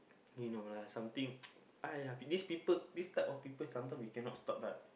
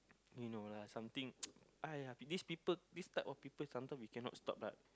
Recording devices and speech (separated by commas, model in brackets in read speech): boundary microphone, close-talking microphone, conversation in the same room